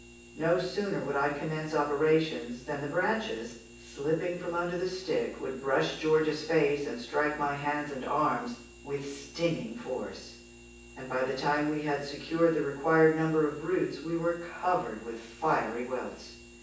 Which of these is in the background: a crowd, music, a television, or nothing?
Nothing.